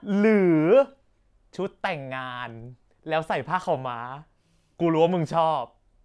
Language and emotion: Thai, happy